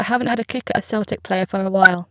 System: VC, spectral filtering